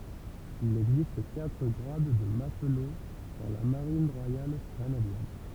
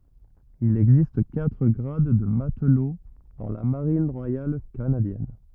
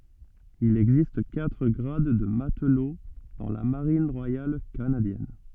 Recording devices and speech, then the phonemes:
temple vibration pickup, rigid in-ear microphone, soft in-ear microphone, read sentence
il ɛɡzist katʁ ɡʁad də matlo dɑ̃ la maʁin ʁwajal kanadjɛn

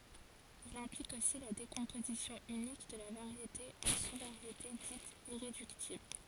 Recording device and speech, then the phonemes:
forehead accelerometer, read sentence
il ɛ̃plik osi la dekɔ̃pozisjɔ̃ ynik də la vaʁjete ɑ̃ su vaʁjete ditz iʁedyktibl

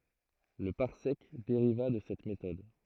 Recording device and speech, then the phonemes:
throat microphone, read sentence
lə paʁsɛk deʁiva də sɛt metɔd

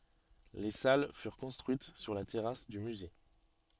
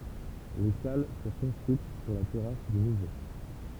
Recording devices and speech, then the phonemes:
soft in-ear microphone, temple vibration pickup, read sentence
le sal fyʁ kɔ̃stʁyit syʁ la tɛʁas dy myze

